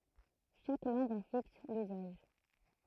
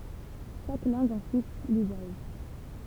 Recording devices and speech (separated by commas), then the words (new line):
throat microphone, temple vibration pickup, read sentence
Chaque langue en fixe l’usage.